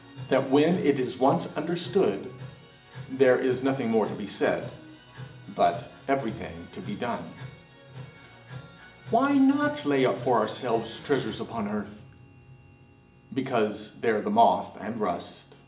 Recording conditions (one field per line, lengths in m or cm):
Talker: one person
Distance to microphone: 1.8 m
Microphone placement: close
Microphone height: 1.0 m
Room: large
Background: music